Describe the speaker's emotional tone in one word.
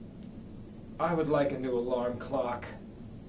disgusted